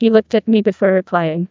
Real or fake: fake